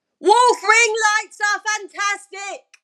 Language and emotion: English, sad